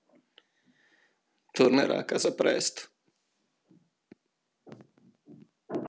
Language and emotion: Italian, sad